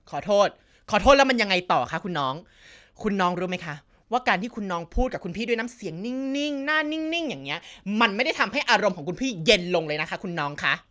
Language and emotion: Thai, angry